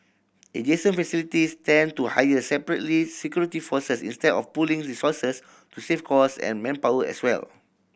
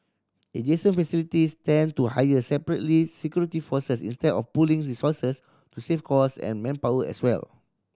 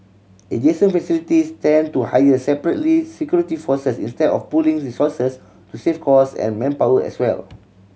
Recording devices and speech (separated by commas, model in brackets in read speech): boundary microphone (BM630), standing microphone (AKG C214), mobile phone (Samsung C7100), read sentence